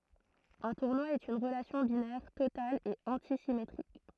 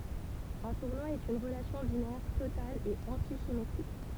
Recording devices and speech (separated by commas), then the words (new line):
throat microphone, temple vibration pickup, read sentence
Un tournoi est une relation binaire totale et antisymétrique.